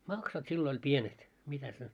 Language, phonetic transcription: Finnish, 'maksat sillo ‿oĺ "pienet , mitäs ne .
- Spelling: maksut silloin oli pienet mitäs ne

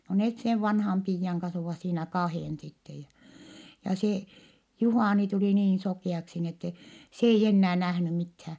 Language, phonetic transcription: Finnish, no net sev vanham piijjaŋ kans ovàs siinä kahèn sittej ja , ja se , Juhàni tulì niin sokì₍aksi ni ette , s ‿eij ‿ennää nähny mithää .
- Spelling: no ne sen vanhan piian kanssa ovat siinä kahden sitten ja ja se Juhani tuli niin sokeaksi niin että se ei enää nähnyt mitään

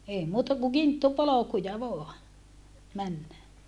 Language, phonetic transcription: Finnish, ei muuta ku kinttupolokuja voa , männä .
- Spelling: ei muuta kuin kinttupolkuja vain mennä

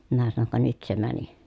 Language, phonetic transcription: Finnish, minä sanoŋ » ka nyt se mäni .
- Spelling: minä sanoin ka nyt se meni

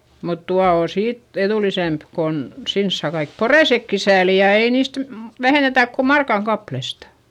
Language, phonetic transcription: Finnish, mut tua oo siit eδùlisemp kon , sins saa kaik porèsekki sääli ja ei niist m- , vähènetä̀k ko markaŋ kaplesta .
- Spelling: mutta tuolla on siitä edullisempi kun sinne saa kaikki poreisetkin sääliä ja ei niistä - vähennetä kuin markan kappaleesta

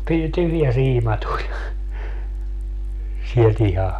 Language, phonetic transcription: Finnish, py- , 'tyhjä 'siima tuĺ , siel't ‿iha .
- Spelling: - tyhjä siima tuli sieltä ihan

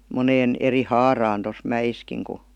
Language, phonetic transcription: Finnish, 'moneen , 'eri "haaraan tos "mäʲiskiŋ ku ,.
- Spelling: moneen eri haaraan tuossa mäessäkin kun

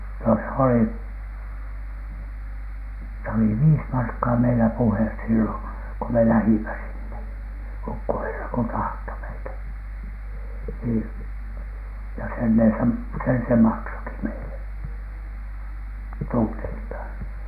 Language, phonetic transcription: Finnish, no s ‿oli , s ‿oli "viis "markkaa meilä 'puhes sillo , ko me "lähimä 'sinne , "ukkoherra ko 'tahto meitä , sii- , ja "sen ne sem- , 'sen se "maksoki meile , (tunteiltaaN) .
- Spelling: no se oli se oli viisi markkaa meillä puhe silloin kun me lähdimme sinne ukkoherra kun tahtoi meitä - ja sen ne - sen se maksoikin meille tunneiltaan

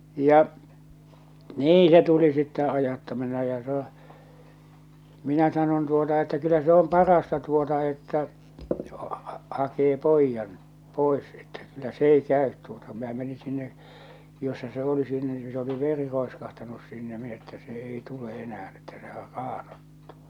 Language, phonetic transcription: Finnish, 'ja’ , "nii se tuli sittɛ 'ajatta(mine) ja sᴀɴᴏ , 'minä 'sanon tuota että » kyllä se 'om "parasta tuota että , hakee "poijjan , "pòḙs että kyllä "s ‿ei 'kä̀öt tuota « minä meni sinne , jossa se 'oli 'sinne ni se oli "veri 'roeskahtanus sinne min ‿että se "ei 'tule '’enä₍än että sehär "raaɴᴏttᴜ .
- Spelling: ja niin se tuli sitten ajattaminen ja sanoin minä sanoin tuota että kyllä se on parasta tuota että hakee pojan pois että kyllä se ei käy tuota minä menin sinne jossa se oli sinne niin se oli veri roiskahtanut sinne minä että se ei tule enää että sehän raanoittui

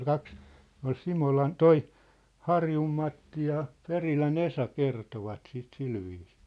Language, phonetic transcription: Finnish, 'kaks , ne ‿ol 'Simolan , "toi , "Harjum Matti ja , 'Perilä'n ‿Esa 'kertovat sit 'silviisɪɪ .
- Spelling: kaksi ne oli Simolan tuo Harjun Matti ja Perilän Esa kertoivat sitä sillä viisiin

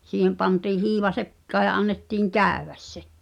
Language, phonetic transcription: Finnish, 'siihem pantii 'hiiva "sek̀kaa ja annettiiŋ "kä̀yẅäs se .
- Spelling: siihen pantiin hiiva sekaan ja annettiin käydä se

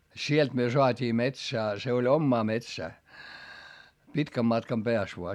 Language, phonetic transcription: Finnish, sielt myö soat́ii metsää , se oĺ ommaa metsää , pitkäm matkam peäs voa .
- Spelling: sieltä me saatiin metsää se oli omaa metsää pitkän matkan päässä vain

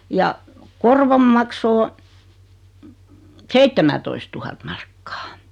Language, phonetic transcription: Finnish, ja , 'korvom makso 'o , 'seittemätoistuhat markkᴀ .
- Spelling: ja korvon maksu on seitsemäntoistatuhatta markkaa

